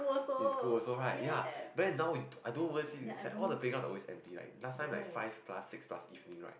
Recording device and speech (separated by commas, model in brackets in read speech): boundary microphone, conversation in the same room